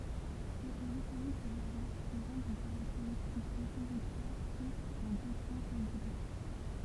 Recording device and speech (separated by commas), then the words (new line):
temple vibration pickup, read sentence
Le périphérique de Valence présente des caractéristiques autoroutières sauf en deux points singuliers.